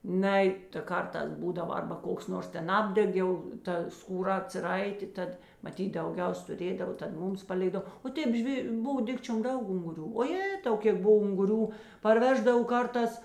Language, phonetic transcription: Lithuanian, ˈnai ta ˈkarˌtās ˈbūdava ˈarba ˈkoks ˈnors ˈten ˈapdeg jau ˈta skūˈra atsiˈraitė ˈtad maˈtyt dauˈgiaus tuˈrėdavo tad ˈmūms paˈlėkdav o ˈtėp ˈžvė ˈbov ˈdikčiom ˈdaug unguˈrių o ˈjėtau ˈkėk ˈbov unguˈrių parˈveždav ˈkarˌtās

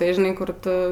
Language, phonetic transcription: Lithuanian, tai žiˈnai ˈkur ˈtu

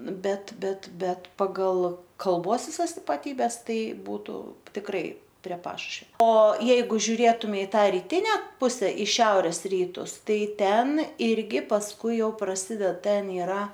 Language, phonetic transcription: Lithuanian, ˈbet ˈbet ˈbet paˈgal kalˈbos viˈsas ipaˈtybes ˈtai ˈbūtu tikˈrai prie ˈpašušvia o ˈjeigu žiuˈrėtumei i ˈtą riˈtine ˈpuse i ˈšiaurės ˈrytus ˈtai ˈten ˈirgi pasˈkui jau praˈsided ˈten iˈra

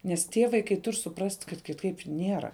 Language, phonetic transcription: Lithuanian, nes ˈtie vaiˈkai ˈtur' suˈprast' kad kiˈtaip ˈniera

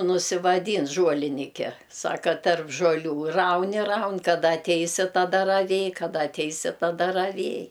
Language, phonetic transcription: Lithuanian, nusivaˈdyn žuoliˈnike ˈsaka tarp žuoˈlių ˈraun i ˈraun kaˈda atˈeisi taˈda raˈvėj kaˈda atˈeisi taˈda raˈvėj

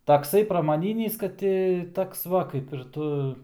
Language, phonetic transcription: Lithuanian, takˈsai pramaˈnynys kad ˈti ˈtoks ˈva kaip ir ˈtu

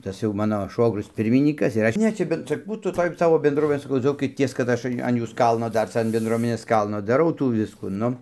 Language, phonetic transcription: Lithuanian, ˈtas jau ˈmano ˈšvogrius ˈpirminykas ir ˈaš ˈne čia ˈben čia ˈbūtų ˈtoj ˈsavo bendˈruominė saˈkau ˈdzaukities kad ˈaš an ˈjūs ˈkalno ˈdar ˈca an benˈdruomenės ˈkalno daˈrau ˈtų ˈviskų ˈnu

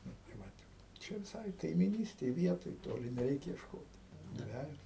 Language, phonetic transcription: Lithuanian, ˈnu tai ˈvat ˈčia viˈsai kaimyˈnystėj ˈvietoj ˈtoli neˈreik iešˈkot ˈdvejos

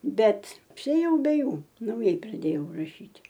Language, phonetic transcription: Lithuanian, ˈbet apsiėˈjau be ˈjų nauˈjai praˈdėjau raˈšyt'

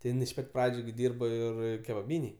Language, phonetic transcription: Lithuanian, ti ˈjin iš ˈpat' ˈpradžiu gi ˈdyrbo ˈir kebaˈbynėj

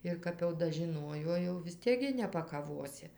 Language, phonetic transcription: Lithuanian, ir ˈkap jau dažiˈnuojo jau vis ˈtiek gi nepakaˈvosi

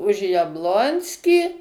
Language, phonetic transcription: Lithuanian, už jabˈlonskį

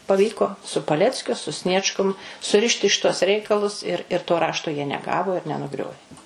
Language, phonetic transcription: Lithuanian, paˈvyko su paˈleckiu su ˈsniečkum suˈrišti ˈšituos ˈreikalus ir ir to ˈrašto jie neˈgavo ir nenuˈgriovė

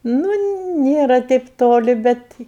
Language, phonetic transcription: Lithuanian, nu ˈnėra teip ˈtoli ˈbet

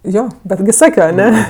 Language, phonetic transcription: Lithuanian, ˈjo ˈbetgi ˈsakio aˈne

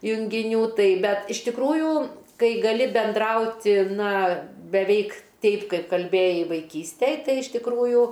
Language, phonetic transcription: Lithuanian, jungiˈnių ˈtai ˈbet iš tikˈrųjų ˈkai gaˈli benˈdrauti ˈna beˈveik ˈteip ˈkaip kalˈbėjai vaiˈkystej ˈtai iš tikˈrųjų

